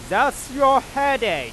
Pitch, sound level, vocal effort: 270 Hz, 105 dB SPL, very loud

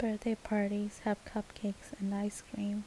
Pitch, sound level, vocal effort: 210 Hz, 73 dB SPL, soft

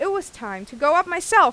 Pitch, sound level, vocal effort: 345 Hz, 96 dB SPL, loud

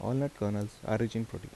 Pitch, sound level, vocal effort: 115 Hz, 78 dB SPL, soft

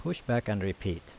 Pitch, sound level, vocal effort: 105 Hz, 79 dB SPL, normal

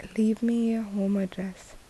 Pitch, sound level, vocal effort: 205 Hz, 74 dB SPL, soft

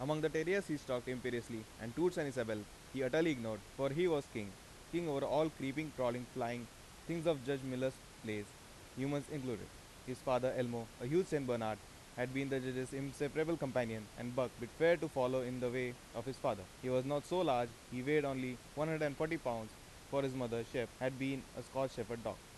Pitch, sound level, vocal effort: 130 Hz, 90 dB SPL, loud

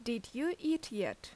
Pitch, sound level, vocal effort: 300 Hz, 81 dB SPL, loud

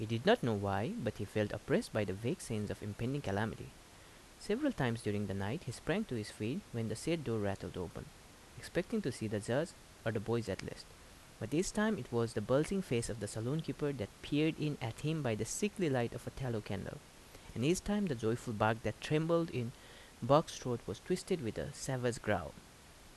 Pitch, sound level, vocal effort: 120 Hz, 79 dB SPL, normal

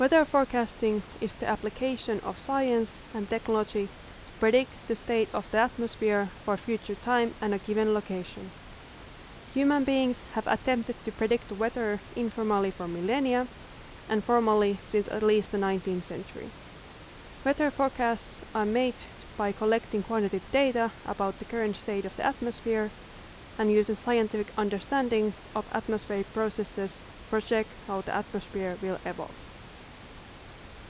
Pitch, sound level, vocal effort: 220 Hz, 83 dB SPL, loud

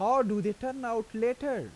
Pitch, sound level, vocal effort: 235 Hz, 90 dB SPL, normal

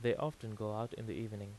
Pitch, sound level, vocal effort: 110 Hz, 83 dB SPL, normal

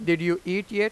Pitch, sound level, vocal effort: 185 Hz, 95 dB SPL, loud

